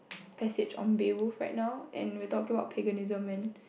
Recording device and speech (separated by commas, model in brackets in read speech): boundary microphone, conversation in the same room